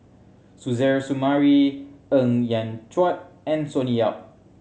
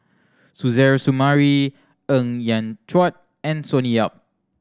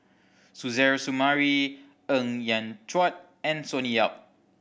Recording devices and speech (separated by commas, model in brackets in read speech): mobile phone (Samsung C7100), standing microphone (AKG C214), boundary microphone (BM630), read sentence